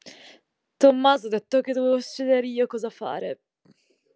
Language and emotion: Italian, disgusted